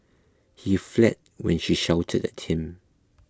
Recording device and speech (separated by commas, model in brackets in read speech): close-talking microphone (WH20), read sentence